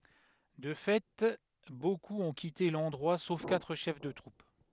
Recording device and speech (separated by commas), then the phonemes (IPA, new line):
headset microphone, read sentence
də fɛ bokup ɔ̃ kite lɑ̃dʁwa sof katʁ ʃɛf də tʁup